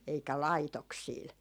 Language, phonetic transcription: Finnish, eikä "laitoksiil .
- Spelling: eikä laitoksilla

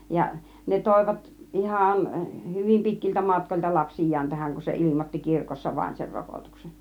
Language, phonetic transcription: Finnish, ja , 'ne 'tòivat , "ˀihàn , 'hyvim 'pitkiltä 'matkoĺta "lapsij̆jaan 'tähäŋ kun se 'ilimotti "kirkossa vaⁱn ser "rokotuksen .
- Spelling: ja ne toivat ihan hyvin pitkiltä matkoilta lapsiaan tähän kun se ilmoitti kirkossa vain sen rokotuksen

